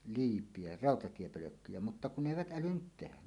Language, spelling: Finnish, liipiä rautatiepölkkyjä mutta kun ne eivät älynneet tehdä
- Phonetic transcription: 'liip̀ie "ràotatiepölökkyjä mutta 'kun 'ne "èivät 'ˀälynnyt tehä .

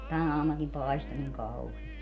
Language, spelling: Finnish, tänä aamunakin paistoi niin kauheasti
- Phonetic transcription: 'tän ‿aamunakim 'paisto niŋ 'kauhiest .

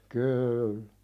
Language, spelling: Finnish, kyllä
- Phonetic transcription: 'kyyllᴀ̈ .

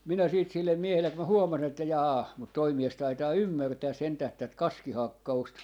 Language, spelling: Finnish, minä sitten sille miehelle kun minä huomasin että jaa mutta tuo mies taitaa ymmärtää sentään tätä kaskihakkausta
- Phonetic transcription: 'minä 'siit sillem "miehellek ku mä 'huomasin ‿että jaa , mut 'toi "mies 'taitaa "ymmärtää 'sentäh 'tät "kaski"hakka₍ust .

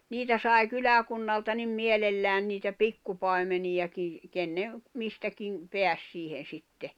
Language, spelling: Finnish, niitä sai kyläkunnalta niin mielellään niitä pikkupaimeniakin kenen mistäkin pääsi siihen sitten
- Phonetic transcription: 'niitä sai̬ "kyläkunnalta nim 'mielellään niitä "pikkupài̬meniʲakij , 'kenne , 'mistäkiŋ , 'peäs 'siihen̬ 'sitte .

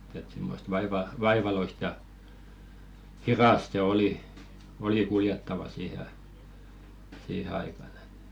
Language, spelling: Finnish, että semmoista - vaivalloista ja hidasta se oli oli kuljettava siihen - siihen aikaan että
- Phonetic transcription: et 'simmost vaiva- "vaivaloist ja , "hirast se 'oli , oli 'kuljettava 'siihe ai- , 'siihe aikan ‿ᴇt .

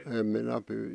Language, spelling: Finnish, en minä -
- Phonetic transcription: 'em minä pyy- ,.

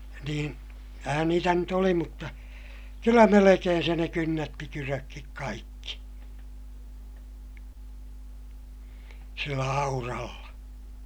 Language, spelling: Finnish, niin kyllähän niitä nyt oli mutta kyllä melkein se ne kynnätti kydötkin kaikki sillä auralla
- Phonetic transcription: niin , (kyllä)hän niitä nyt ‿oli mutta , kyllä melekeen se ne kynnätti kyrökkik kaikki , sillä auralla .

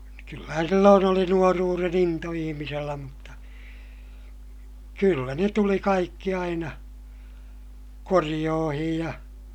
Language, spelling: Finnish, kyllähän silloin oli nuoruuden into ihmisellä mutta kyllä ne tuli kaikki aina korjuihin ja
- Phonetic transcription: kyllähän silloon ‿oli nuoruuren ‿into ihimisellä mutta , kyllä ne tuli kaikki aina , koriʲoohij ja , .

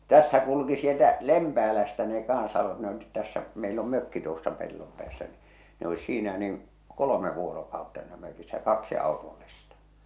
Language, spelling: Finnish, tässä kulki sieltä Lempäälästä ne kanssa ne olivat tässä meillä on mökki tuossa pellon päässä niin ne oli siinä niin kolme vuorokautta siinä mökissä kaksi autollista
- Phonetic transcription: 'tässä kulᵘki sieltä , 'Lempäälästä ne kansa , ne olit tässä , meil ‿om 'mökki tuossa 'pellom pᵉäässä ni , ne olis 'siinä niŋ , 'kolome vuorokautta (sii)nä mökissä 'kaksi àotollista .

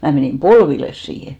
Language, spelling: Finnish, minä menin polville siihen
- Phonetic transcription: 'mä̀ menìm "polvilles siihe !

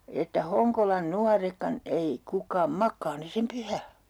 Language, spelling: Finnish, että Honkolan nuoretkaan ei kukaan makaa ne sen pyhän
- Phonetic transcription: että "Hoŋkolan "nuarekkan 'ei , 'kuk̆kaam "mak̆kaa ne sem 'pyhä .

